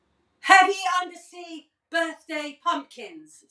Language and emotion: English, neutral